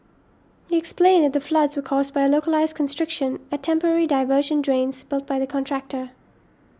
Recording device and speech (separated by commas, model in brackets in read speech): standing microphone (AKG C214), read sentence